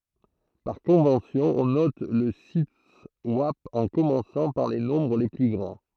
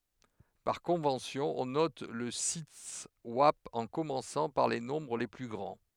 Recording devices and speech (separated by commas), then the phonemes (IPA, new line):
throat microphone, headset microphone, read sentence
paʁ kɔ̃vɑ̃sjɔ̃ ɔ̃ nɔt lə sitɛswap ɑ̃ kɔmɑ̃sɑ̃ paʁ le nɔ̃bʁ le ply ɡʁɑ̃